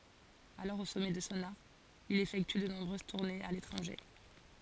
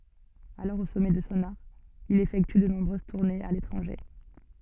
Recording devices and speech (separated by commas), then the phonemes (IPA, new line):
forehead accelerometer, soft in-ear microphone, read sentence
alɔʁ o sɔmɛ də sɔ̃ aʁ il efɛkty də nɔ̃bʁøz tuʁnez a letʁɑ̃ʒe